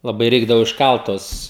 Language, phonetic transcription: Lithuanian, laˈbai ˈreikdavo išˈkalt ˈtuos

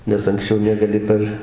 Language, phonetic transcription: Lithuanian, nes anksˈčiau negaˈli par

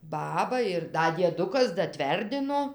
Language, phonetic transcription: Lithuanian, ˈbaba ir ˈda dieˈdukas daˈtverdino

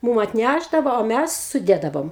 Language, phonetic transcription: Lithuanian, ˈmūm atˈnæšdavo o ˈmæs suˈdėdavom

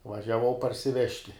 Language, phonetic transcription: Lithuanian, važiaˈvau parsiˈvežti

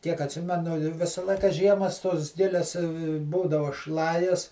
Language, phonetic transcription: Lithuanian, tiek atˈsimenu ˈvisa ˈlaika ˈžiemas tos ˈgilias ˈbūdava ˈšlajas

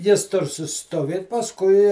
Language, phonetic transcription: Lithuanian, ˈjis ˈtur susiˈstovėt pasˈkui

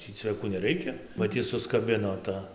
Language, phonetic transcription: Lithuanian, ˈtį cveˈkų neˈreikia ba ˈti suskaˈbino ˈta

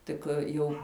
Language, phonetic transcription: Lithuanian, ˈtik ˈjų

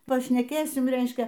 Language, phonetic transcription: Lithuanian, pašneˈkėsim ˈreiškia

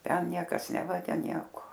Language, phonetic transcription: Lithuanian, ˈten ˈniekas ˈnevagia ˈnieko

